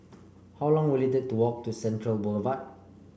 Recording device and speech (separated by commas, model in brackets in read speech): boundary microphone (BM630), read sentence